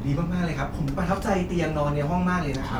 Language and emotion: Thai, happy